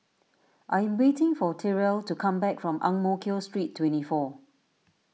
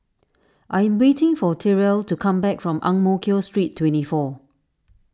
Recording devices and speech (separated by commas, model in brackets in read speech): mobile phone (iPhone 6), standing microphone (AKG C214), read sentence